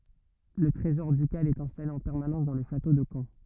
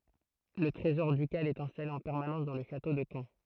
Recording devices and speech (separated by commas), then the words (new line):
rigid in-ear microphone, throat microphone, read sentence
Le trésor ducal est installé en permanence dans le château de Caen.